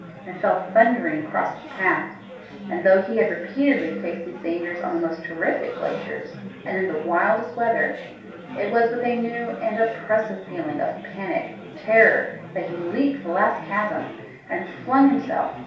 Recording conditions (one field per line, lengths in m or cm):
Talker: one person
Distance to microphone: 3.0 m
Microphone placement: far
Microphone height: 1.8 m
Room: small (3.7 m by 2.7 m)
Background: babble